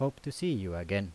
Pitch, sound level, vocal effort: 130 Hz, 83 dB SPL, normal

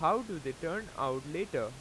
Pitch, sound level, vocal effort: 155 Hz, 93 dB SPL, loud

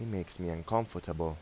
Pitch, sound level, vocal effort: 90 Hz, 84 dB SPL, normal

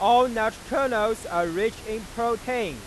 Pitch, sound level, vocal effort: 220 Hz, 103 dB SPL, very loud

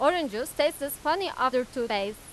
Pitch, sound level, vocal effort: 280 Hz, 96 dB SPL, very loud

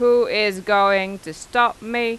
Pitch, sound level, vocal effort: 210 Hz, 94 dB SPL, loud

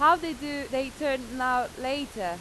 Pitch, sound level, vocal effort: 265 Hz, 93 dB SPL, very loud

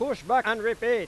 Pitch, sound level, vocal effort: 235 Hz, 104 dB SPL, very loud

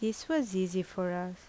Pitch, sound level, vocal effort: 185 Hz, 78 dB SPL, normal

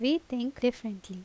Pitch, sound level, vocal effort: 245 Hz, 82 dB SPL, loud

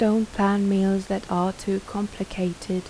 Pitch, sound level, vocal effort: 195 Hz, 79 dB SPL, soft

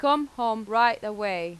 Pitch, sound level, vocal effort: 225 Hz, 93 dB SPL, loud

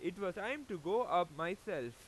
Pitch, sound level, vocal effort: 175 Hz, 97 dB SPL, very loud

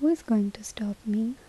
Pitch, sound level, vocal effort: 220 Hz, 74 dB SPL, soft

